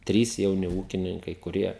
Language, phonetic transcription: Lithuanian, ˈtrys jauˈni ˈūkininkai kuˈrie

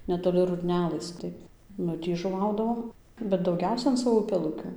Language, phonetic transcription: Lithuanian, netoˈli rudˈnelɘs ˈtai ˈnu ˈtį žuˈvaudavom ˈbet dauˈgiausia an ˈsavo upeˈlukių

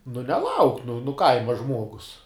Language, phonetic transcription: Lithuanian, nu neˈlauk nu nu ˈkaima ˈžmuogus

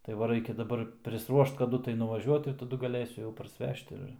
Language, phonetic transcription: Lithuanian, tai ˈva ˈraikia daˈbar prisˈruošt kaˈdu tai nuvaˈžiuot ir taˈdu gaˈlėsiu parsˈvežt ir

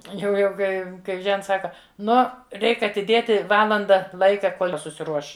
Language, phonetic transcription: Lithuanian, jau ˈjau ˈkai kai ˈžents ˈsaka ˈno ˈreik atiˈdėti ˈvalanda ˈlaika ˈkol' ˈji susiˈruoš

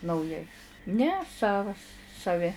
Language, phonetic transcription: Lithuanian, nauˈjai ˈne ˈsavas saˈvi

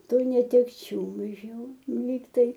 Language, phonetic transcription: Lithuanian, ˈtų netekˈčių iš ˈjų ˈlygtai

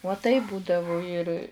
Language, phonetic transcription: Lithuanian, uo taip ˈbūdavu ir

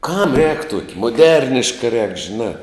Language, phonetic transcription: Lithuanian, kam rēk ˈtuoki muˈderniška rēk žiˈnā

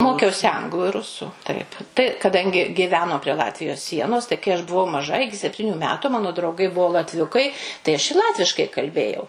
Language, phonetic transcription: Lithuanian, ˈmokiausi ˈanglu ir ˈrusu ˈtaip tai kaˈdangi giˈveno prie ˈlatvijos ˈsienos tai kai ˈaš buˈvau maˈža ˈiki sepˈtyniu ˈmetu ˈmano drauˈgai ˈbuo latˈviukai tai aš i ˈlatviškai kalˈbėjau

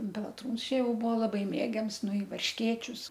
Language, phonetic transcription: Lithuanian, pelaˈtrūns ˈčia ˈjau ˈbuvo laˈbai ˈmėgiams ˈnu i varšˈkėčius

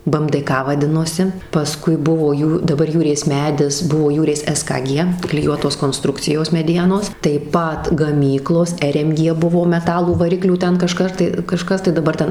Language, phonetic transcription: Lithuanian, bɘ em dɘ ˈka vaˈdinosi paˈskui ˈbuvo ˈjū daˈbar ˈjūrės ˈmedis ˈbuvo ˈjūrės es ka ˈgie kliˈjuotos konˈstrukcijos meˈdienos taip ˈpat gaˈmyklos er em ˈgie ˈbuvo meˈtalų vaˈriklių ˈten kaˈžkar tai kaˈžkas tai daˈbar ˈten

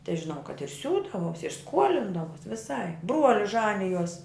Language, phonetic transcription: Lithuanian, tai žiˈnau kad ir ˈsiūdavos ir ˈskuolindavos viˈsaip ˈbruolis ˈžanijos

